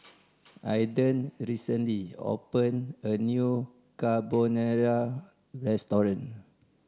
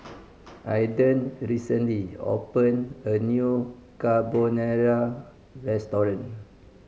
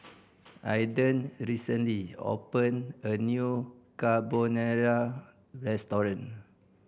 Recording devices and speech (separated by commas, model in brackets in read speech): standing microphone (AKG C214), mobile phone (Samsung C5010), boundary microphone (BM630), read sentence